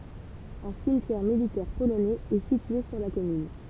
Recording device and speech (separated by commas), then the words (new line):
temple vibration pickup, read sentence
Un cimetière militaire polonais est situé sur la commune.